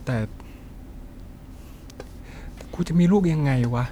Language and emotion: Thai, frustrated